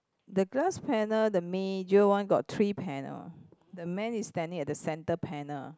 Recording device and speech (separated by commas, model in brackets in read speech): close-talking microphone, conversation in the same room